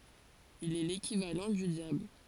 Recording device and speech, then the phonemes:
forehead accelerometer, read sentence
il ɛ lekivalɑ̃ dy djabl

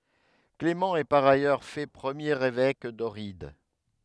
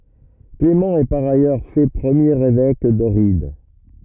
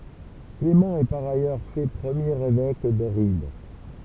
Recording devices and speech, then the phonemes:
headset microphone, rigid in-ear microphone, temple vibration pickup, read sentence
klemɑ̃ ɛ paʁ ajœʁ fɛ pʁəmjeʁ evɛk dɔʁid

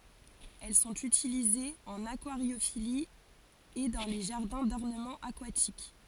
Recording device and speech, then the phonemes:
forehead accelerometer, read sentence
ɛl sɔ̃t ytilizez ɑ̃n akwaʁjofili e dɑ̃ le ʒaʁdɛ̃ dɔʁnəmɑ̃ akwatik

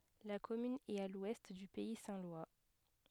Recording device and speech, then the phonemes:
headset microphone, read sentence
la kɔmyn ɛt a lwɛst dy pɛi sɛ̃ lwa

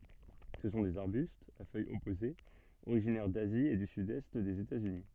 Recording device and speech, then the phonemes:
soft in-ear microphone, read sentence
sə sɔ̃ dez aʁbystz a fœjz ɔpozez oʁiʒinɛʁ dazi e dy sydɛst dez etatsyni

